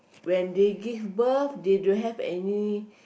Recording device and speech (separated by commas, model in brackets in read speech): boundary microphone, conversation in the same room